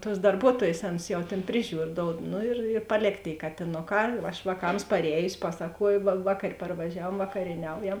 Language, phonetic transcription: Lithuanian, tuos darˈbuotuojės ˈaˌnus jau ˈtėn ˈpriˌžiūr ˈdoud ˈnu ir ir paˈlėk tėi katiˈnoˌkā aš vāˈkams parˈējusi ˈpasakuoju va va kad parvaˈžiavuom vakarieˈniaujam

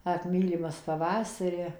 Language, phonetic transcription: Lithuanian, ˈak ˈmylimas paˈvasari

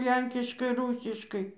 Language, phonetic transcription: Lithuanian, ˈlenkiškai ˈrūsiškai

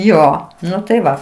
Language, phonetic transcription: Lithuanian, ˈjo ˈnu tai ˈva

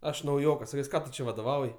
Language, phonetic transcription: Lithuanian, ˈaš nauˈjokas saˈkes ˈką tu ˈčia vadoˈvauj

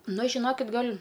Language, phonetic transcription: Lithuanian, ˈnu žiˈnokit ˈgal'

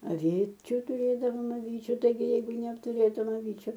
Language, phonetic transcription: Lithuanian, aˈvyčiu tuˈrėdavom aˈvyčiu taiˈgi ˈjeigu neaptuˈrėtum aˈvyčiu

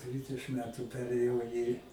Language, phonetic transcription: Lithuanian, ˈdvidešɨm ˈmetu ˈperėjau į

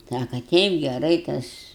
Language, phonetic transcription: Lithuanian, ˈsaka ˈteip geˈrai ˈtas

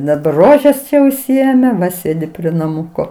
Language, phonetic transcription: Lithuanian, daˈbar ˈrožes ˈčia užsiˈėme ˈva ˈsėdi prie naˈmuko

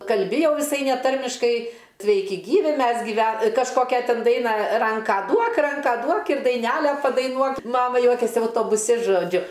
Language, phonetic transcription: Lithuanian, kalˈbi jau viˈsai neˈtarmiškai ˈsveiki ˈgyvi ˈmes giˈve kažˈkokia ˈtin ˈdainą ˈranką ˈduok ˈranką ˈduok ir daiˈnæle padaiˈnuok ˈmama ˈjuokėsi autobuˈsi žoˈdžiu

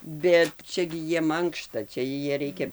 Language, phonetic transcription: Lithuanian, ˈbet ˈčia gi ˈjiem ˈankšta ˈčia ˈjie ˈreikia

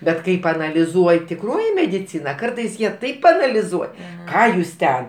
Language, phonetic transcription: Lithuanian, ˈbet ˈkai paanaliˈzuoj tiˈkroji mediˈcina ˈkartais ˈjie taip paanaliˈzuoj ˈką jūs ˈten

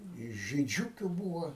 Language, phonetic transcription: Lithuanian, i žyˈdžiukiu ˈbūva

